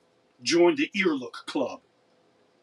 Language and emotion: English, angry